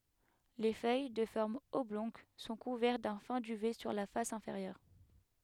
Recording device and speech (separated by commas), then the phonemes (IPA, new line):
headset microphone, read sentence
le fœj də fɔʁm ɔblɔ̃ɡ sɔ̃ kuvɛʁt dœ̃ fɛ̃ dyvɛ syʁ la fas ɛ̃feʁjœʁ